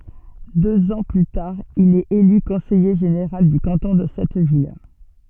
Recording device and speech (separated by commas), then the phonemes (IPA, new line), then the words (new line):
soft in-ear microphone, read sentence
døz ɑ̃ ply taʁ il ɛt ely kɔ̃sɛje ʒeneʁal dy kɑ̃tɔ̃ də sɛt vil
Deux ans plus tard, il est élu conseiller général du canton de cette ville.